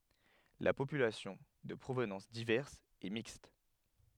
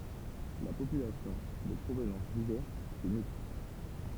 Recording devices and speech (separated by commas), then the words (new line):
headset microphone, temple vibration pickup, read sentence
La population, de provenance diverse, est mixte.